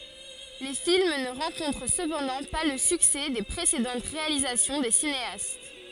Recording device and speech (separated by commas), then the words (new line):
forehead accelerometer, read sentence
Les films ne rencontrent cependant pas le succès des précédentes réalisations des cinéastes.